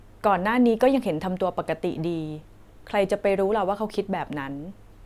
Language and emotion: Thai, neutral